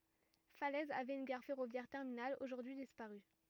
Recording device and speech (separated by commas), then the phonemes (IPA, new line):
rigid in-ear microphone, read sentence
falɛz avɛt yn ɡaʁ fɛʁovjɛʁ tɛʁminal oʒuʁdyi dispaʁy